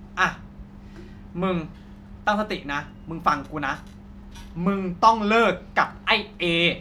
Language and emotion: Thai, frustrated